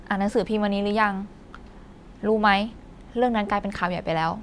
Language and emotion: Thai, neutral